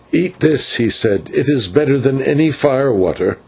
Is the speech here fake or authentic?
authentic